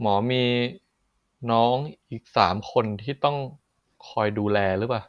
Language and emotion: Thai, frustrated